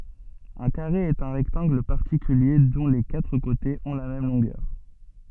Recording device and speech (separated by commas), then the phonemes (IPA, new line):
soft in-ear microphone, read sentence
œ̃ kaʁe ɛt œ̃ ʁɛktɑ̃ɡl paʁtikylje dɔ̃ le katʁ kotez ɔ̃ la mɛm lɔ̃ɡœʁ